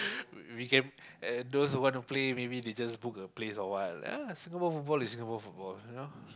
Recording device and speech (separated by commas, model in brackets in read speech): close-talking microphone, conversation in the same room